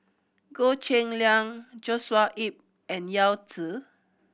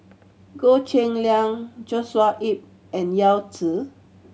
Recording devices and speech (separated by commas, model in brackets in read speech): boundary microphone (BM630), mobile phone (Samsung C7100), read sentence